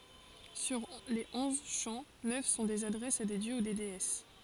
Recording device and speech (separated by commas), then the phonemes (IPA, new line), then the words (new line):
forehead accelerometer, read sentence
syʁ le ɔ̃z ʃɑ̃ nœf sɔ̃ dez adʁɛsz a de djø u deɛs
Sur les onze chants, neuf sont des adresses à des dieux ou déesses.